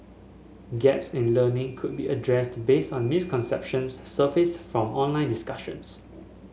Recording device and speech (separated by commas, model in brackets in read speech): mobile phone (Samsung S8), read sentence